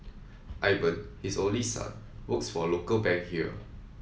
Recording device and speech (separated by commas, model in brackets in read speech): mobile phone (iPhone 7), read sentence